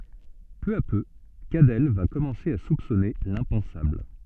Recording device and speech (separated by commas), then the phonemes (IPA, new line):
soft in-ear microphone, read sentence
pø a pø kadɛl va kɔmɑ̃se a supsɔne lɛ̃pɑ̃sabl